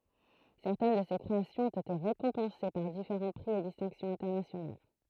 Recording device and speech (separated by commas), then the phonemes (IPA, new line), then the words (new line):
throat microphone, read sentence
sɛʁtɛn də se kʁeasjɔ̃z ɔ̃t ete ʁekɔ̃pɑ̃se paʁ difeʁɑ̃ pʁi e distɛ̃ksjɔ̃z ɛ̃tɛʁnasjonal
Certaines de ces créations ont été récompensées par différents prix et distinctions internationales.